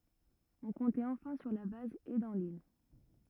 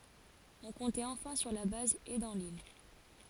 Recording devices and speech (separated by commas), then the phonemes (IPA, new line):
rigid in-ear microphone, forehead accelerometer, read sentence
ɔ̃ kɔ̃tɛt ɑ̃fɛ̃ syʁ la baz e dɑ̃ lil